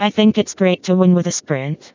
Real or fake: fake